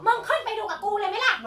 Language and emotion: Thai, angry